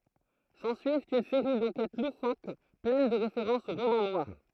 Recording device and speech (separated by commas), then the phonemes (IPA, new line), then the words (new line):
throat microphone, read sentence
sɑ̃syivt yn seʁi dɑ̃kɛt lufok plɛn də ʁefeʁɑ̃sz o ʁomɑ̃ nwaʁ
S'ensuivent une série d'enquêtes loufoques pleines de références au roman noir.